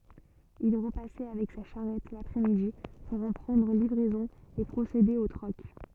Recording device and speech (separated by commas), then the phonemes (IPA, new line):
soft in-ear microphone, read sentence
il ʁəpasɛ avɛk sa ʃaʁɛt lapʁɛ midi puʁ ɑ̃ pʁɑ̃dʁ livʁɛzɔ̃ e pʁosede o tʁɔk